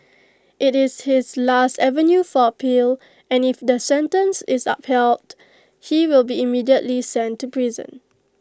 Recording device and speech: close-talking microphone (WH20), read sentence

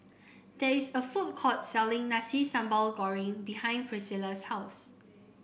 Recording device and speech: boundary microphone (BM630), read sentence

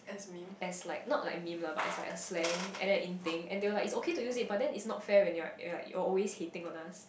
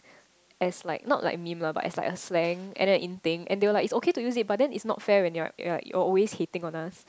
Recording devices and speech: boundary microphone, close-talking microphone, conversation in the same room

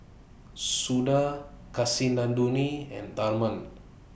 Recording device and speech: boundary microphone (BM630), read sentence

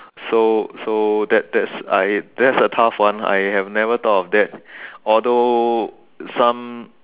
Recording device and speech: telephone, conversation in separate rooms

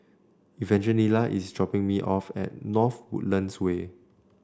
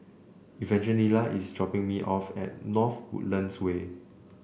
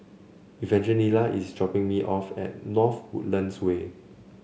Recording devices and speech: standing microphone (AKG C214), boundary microphone (BM630), mobile phone (Samsung C7), read sentence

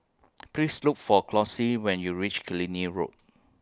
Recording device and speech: close-talking microphone (WH20), read sentence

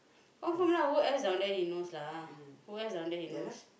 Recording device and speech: boundary microphone, conversation in the same room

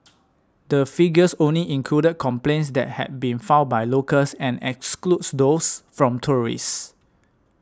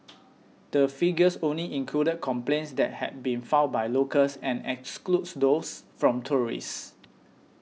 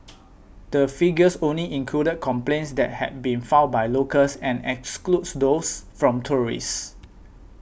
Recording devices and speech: standing microphone (AKG C214), mobile phone (iPhone 6), boundary microphone (BM630), read sentence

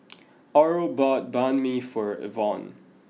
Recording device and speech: mobile phone (iPhone 6), read sentence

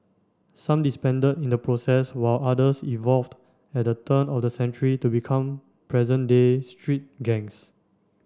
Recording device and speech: standing microphone (AKG C214), read sentence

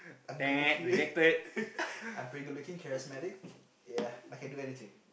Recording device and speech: boundary microphone, conversation in the same room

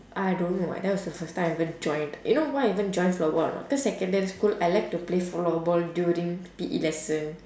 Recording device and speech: standing microphone, conversation in separate rooms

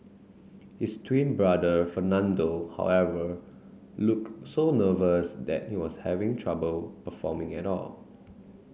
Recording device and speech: mobile phone (Samsung C9), read sentence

